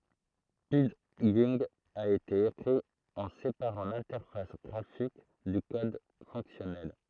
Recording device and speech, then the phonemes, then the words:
throat microphone, read sentence
pidʒɛ̃ a ete ekʁi ɑ̃ sepaʁɑ̃ lɛ̃tɛʁfas ɡʁafik dy kɔd fɔ̃ksjɔnɛl
Pidgin a été écrit en séparant l'interface graphique du code fonctionnel.

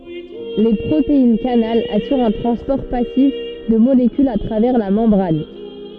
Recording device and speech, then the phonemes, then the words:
soft in-ear microphone, read sentence
le pʁoteinɛskanal asyʁt œ̃ tʁɑ̃spɔʁ pasif də molekylz a tʁavɛʁ la mɑ̃bʁan
Les protéines-canal assurent un transport passif de molécules à travers la membrane.

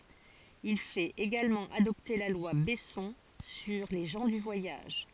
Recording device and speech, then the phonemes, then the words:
forehead accelerometer, read sentence
il fɛt eɡalmɑ̃ adɔpte la lwa bɛsɔ̃ syʁ le ʒɑ̃ dy vwajaʒ
Il fait également adopter la loi Besson sur les gens du voyage.

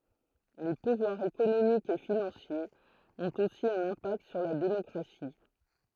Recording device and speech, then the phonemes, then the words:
throat microphone, read sentence
le puvwaʁz ekonomikz e finɑ̃sjez ɔ̃t osi œ̃n ɛ̃pakt syʁ la demɔkʁasi
Les pouvoirs économiques et financiers ont aussi un impact sur la démocratie.

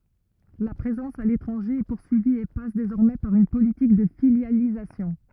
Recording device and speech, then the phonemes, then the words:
rigid in-ear microphone, read sentence
la pʁezɑ̃s a letʁɑ̃ʒe ɛ puʁsyivi e pas dezɔʁmɛ paʁ yn politik də filjalizasjɔ̃
La présence à l'étranger est poursuivie et passe désormais par une politique de filialisation.

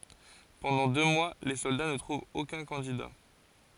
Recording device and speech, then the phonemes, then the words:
forehead accelerometer, read sentence
pɑ̃dɑ̃ dø mwa le sɔlda nə tʁuvt okœ̃ kɑ̃dida
Pendant deux mois, les soldats ne trouvent aucun candidat.

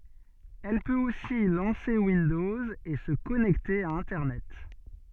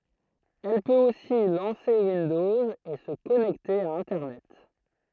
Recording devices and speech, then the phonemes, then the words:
soft in-ear microphone, throat microphone, read sentence
ɛl pøt osi lɑ̃se windɔz e sə kɔnɛkte a ɛ̃tɛʁnɛt
Elle peut aussi lancer Windows et se connecter à internet.

